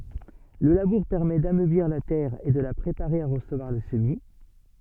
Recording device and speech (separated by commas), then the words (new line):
soft in-ear microphone, read sentence
Le labour permet d'ameublir la terre et de la préparer à recevoir le semis.